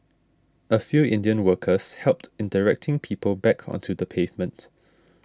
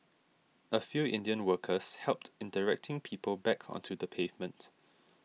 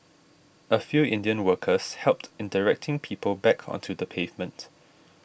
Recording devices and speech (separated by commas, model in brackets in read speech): standing microphone (AKG C214), mobile phone (iPhone 6), boundary microphone (BM630), read sentence